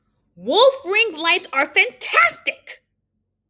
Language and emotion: English, angry